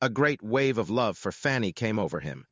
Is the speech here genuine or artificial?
artificial